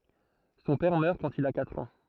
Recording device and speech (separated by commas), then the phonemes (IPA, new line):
throat microphone, read sentence
sɔ̃ pɛʁ mœʁ kɑ̃t il a katʁ ɑ̃